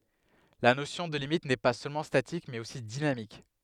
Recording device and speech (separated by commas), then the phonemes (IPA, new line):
headset microphone, read sentence
la nosjɔ̃ də limit nɛ pa sølmɑ̃ statik mɛz osi dinamik